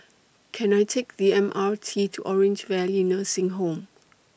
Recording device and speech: boundary microphone (BM630), read sentence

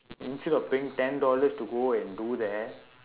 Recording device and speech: telephone, conversation in separate rooms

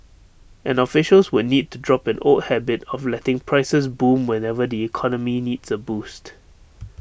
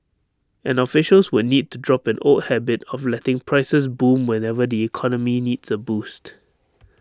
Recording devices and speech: boundary microphone (BM630), standing microphone (AKG C214), read sentence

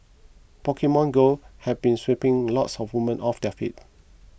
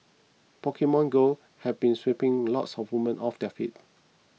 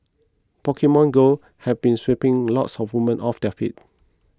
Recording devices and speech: boundary microphone (BM630), mobile phone (iPhone 6), close-talking microphone (WH20), read sentence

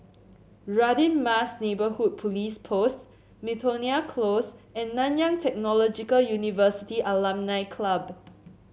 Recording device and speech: mobile phone (Samsung C7), read sentence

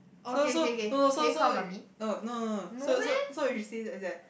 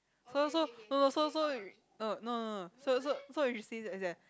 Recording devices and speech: boundary microphone, close-talking microphone, conversation in the same room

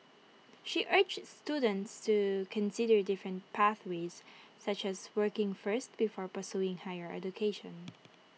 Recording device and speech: mobile phone (iPhone 6), read sentence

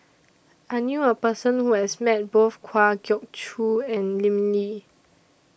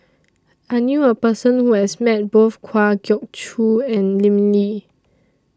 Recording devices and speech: boundary microphone (BM630), standing microphone (AKG C214), read sentence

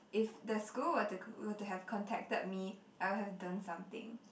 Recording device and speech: boundary microphone, conversation in the same room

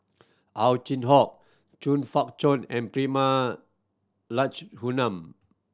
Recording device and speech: standing microphone (AKG C214), read sentence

